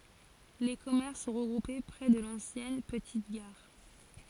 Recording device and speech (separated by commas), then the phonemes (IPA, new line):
forehead accelerometer, read sentence
le kɔmɛʁs sɔ̃ ʁəɡʁupe pʁɛ də lɑ̃sjɛn pətit ɡaʁ